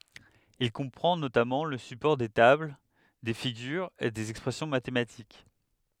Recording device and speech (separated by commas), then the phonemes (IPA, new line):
headset microphone, read sentence
il kɔ̃pʁɑ̃ notamɑ̃ lə sypɔʁ de tabl de fiɡyʁz e dez ɛkspʁɛsjɔ̃ matematik